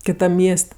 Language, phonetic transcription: Lithuanian, kiˈtam ˈmies't'

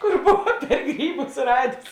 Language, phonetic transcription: Lithuanian, kur ˈbova per ˈgryˌbus ˈradės

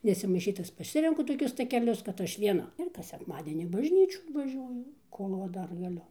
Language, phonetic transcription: Lithuanian, nesimaiˈšyt ˈtas paˈsirenku toˈkius takeˈlius kad ˈaš vieˈna ir ˈkas sekˈmadienį in bažˈnyčių vaˈžiuoju ˈkol va ˈdar gaˈliu

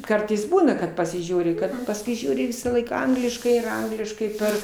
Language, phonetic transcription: Lithuanian, ˈkartais ˈbūna kad pasiˈžiūri ˈkad pasˈkui ˈžiūri ˈvisąˌlaik ˈangliškai ir ˈangliškai ˈper

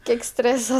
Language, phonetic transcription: Lithuanian, kiek ˈstrėsa

